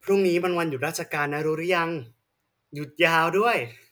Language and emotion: Thai, happy